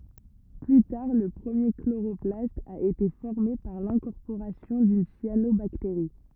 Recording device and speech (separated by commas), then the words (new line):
rigid in-ear microphone, read sentence
Plus tard, le premier chloroplaste a été formé par l'incorporation d'une cyanobactérie.